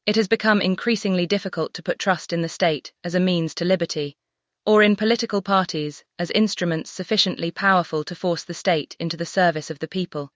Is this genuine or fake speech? fake